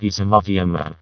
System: VC, vocoder